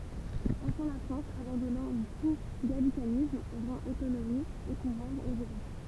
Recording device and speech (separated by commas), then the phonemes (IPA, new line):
temple vibration pickup, read sentence
ɑ̃fɛ̃ la fʁɑ̃s abɑ̃dɔnɑ̃ tu ɡalikanism ʁɑ̃t otonomi e puvwaʁz oz evɛk